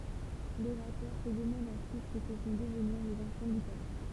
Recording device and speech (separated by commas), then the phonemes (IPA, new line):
temple vibration pickup, read sentence
loʁatœʁ sə dəmɑ̃d ɑ̃syit sə kə vɔ̃ dəvniʁ lez ɑ̃fɑ̃ dy pøpl